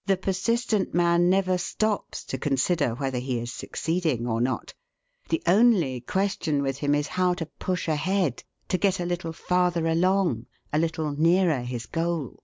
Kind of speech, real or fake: real